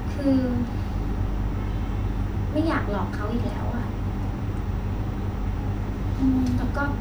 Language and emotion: Thai, frustrated